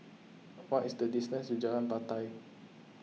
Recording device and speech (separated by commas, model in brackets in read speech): mobile phone (iPhone 6), read sentence